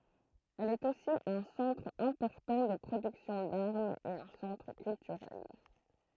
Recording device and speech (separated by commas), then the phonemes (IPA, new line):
throat microphone, read sentence
ɛl ɛt osi œ̃ sɑ̃tʁ ɛ̃pɔʁtɑ̃ də pʁodyksjɔ̃ daʁmz e œ̃ sɑ̃tʁ kyltyʁɛl